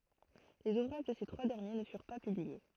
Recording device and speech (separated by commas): throat microphone, read sentence